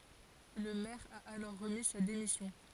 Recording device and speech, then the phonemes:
forehead accelerometer, read sentence
lə mɛʁ a alɔʁ ʁəmi sa demisjɔ̃

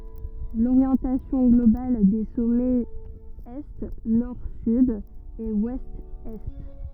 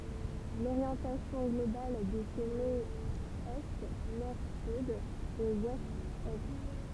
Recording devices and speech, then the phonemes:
rigid in-ear microphone, temple vibration pickup, read sentence
loʁjɑ̃tasjɔ̃ ɡlobal de sɔmɛz ɛ nɔʁ syd e wɛst ɛ

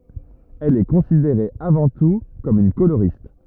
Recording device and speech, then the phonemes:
rigid in-ear microphone, read sentence
ɛl ɛ kɔ̃sideʁe avɑ̃ tu kɔm yn koloʁist

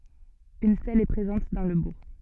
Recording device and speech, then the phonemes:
soft in-ear microphone, read sentence
yn stɛl ɛ pʁezɑ̃t dɑ̃ lə buʁ

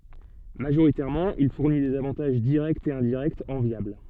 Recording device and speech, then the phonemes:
soft in-ear microphone, read sentence
maʒoʁitɛʁmɑ̃ il fuʁni dez avɑ̃taʒ diʁɛktz e ɛ̃diʁɛktz ɑ̃vjabl

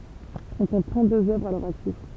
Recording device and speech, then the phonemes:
temple vibration pickup, read sentence
ɔ̃ kɔ̃t tʁɑ̃tdøz œvʁz a lœʁ aktif

